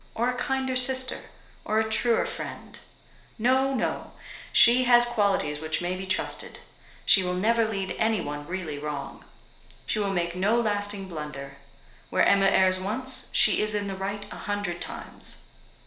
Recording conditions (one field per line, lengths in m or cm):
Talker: one person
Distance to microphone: 1.0 m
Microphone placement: close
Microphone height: 1.1 m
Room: small (3.7 m by 2.7 m)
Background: none